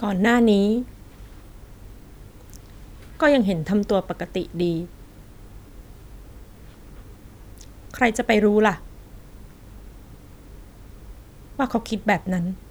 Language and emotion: Thai, sad